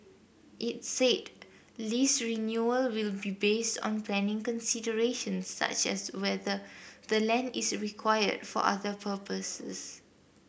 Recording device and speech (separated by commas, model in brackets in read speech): boundary microphone (BM630), read sentence